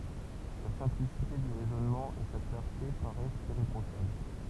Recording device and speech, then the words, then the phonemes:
temple vibration pickup, read sentence
La simplicité du raisonnement et sa clarté paraissent irréprochables.
la sɛ̃plisite dy ʁɛzɔnmɑ̃ e sa klaʁte paʁɛst iʁepʁoʃabl

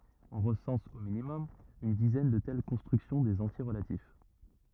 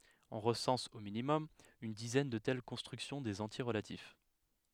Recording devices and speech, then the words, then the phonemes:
rigid in-ear microphone, headset microphone, read sentence
On recense, au minimum, une dizaine de telles constructions des entiers relatifs.
ɔ̃ ʁəsɑ̃s o minimɔm yn dizɛn də tɛl kɔ̃stʁyksjɔ̃ dez ɑ̃tje ʁəlatif

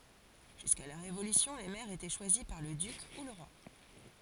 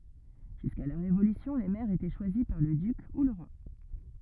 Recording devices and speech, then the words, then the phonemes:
forehead accelerometer, rigid in-ear microphone, read sentence
Jusqu'à la Révolution, les maires étaient choisis par le duc ou le roi.
ʒyska la ʁevolysjɔ̃ le mɛʁz etɛ ʃwazi paʁ lə dyk u lə ʁwa

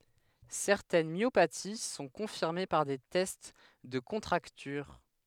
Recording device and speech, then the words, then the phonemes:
headset microphone, read sentence
Certaines myopathies sont confirmées par des tests de contracture.
sɛʁtɛn mjopati sɔ̃ kɔ̃fiʁme paʁ de tɛst də kɔ̃tʁaktyʁ

